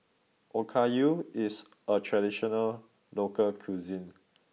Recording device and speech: mobile phone (iPhone 6), read sentence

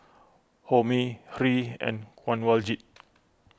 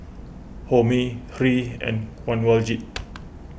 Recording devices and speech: close-talking microphone (WH20), boundary microphone (BM630), read sentence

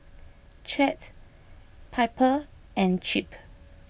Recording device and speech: boundary microphone (BM630), read sentence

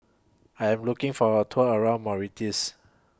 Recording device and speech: close-talking microphone (WH20), read sentence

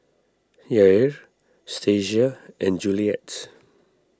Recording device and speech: standing microphone (AKG C214), read sentence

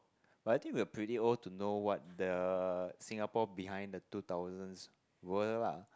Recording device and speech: close-talking microphone, conversation in the same room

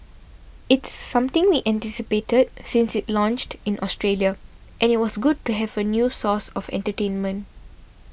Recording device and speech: boundary microphone (BM630), read sentence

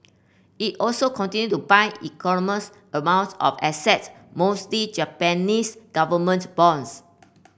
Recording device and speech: boundary microphone (BM630), read sentence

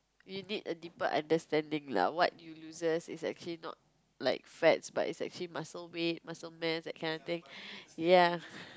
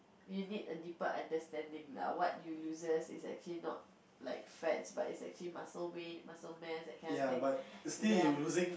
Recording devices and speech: close-talking microphone, boundary microphone, conversation in the same room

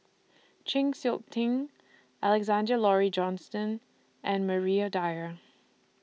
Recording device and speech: mobile phone (iPhone 6), read sentence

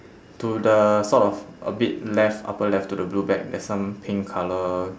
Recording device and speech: standing microphone, conversation in separate rooms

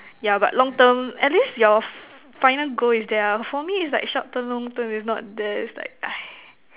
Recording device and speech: telephone, conversation in separate rooms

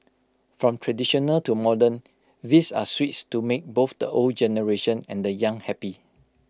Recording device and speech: close-talking microphone (WH20), read sentence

